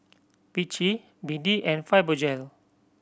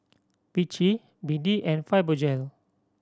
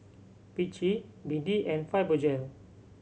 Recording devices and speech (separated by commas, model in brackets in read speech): boundary microphone (BM630), standing microphone (AKG C214), mobile phone (Samsung C7100), read sentence